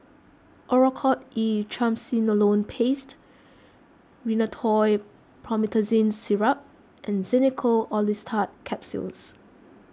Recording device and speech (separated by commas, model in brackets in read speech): close-talking microphone (WH20), read sentence